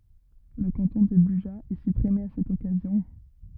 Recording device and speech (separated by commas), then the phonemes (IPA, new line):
rigid in-ear microphone, read sentence
lə kɑ̃tɔ̃ də byʒa ɛ sypʁime a sɛt ɔkazjɔ̃